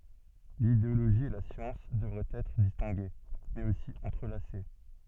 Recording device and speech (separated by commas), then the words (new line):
soft in-ear microphone, read sentence
L'idéologie et la science devraient être distinguées, mais aussi entrelacées.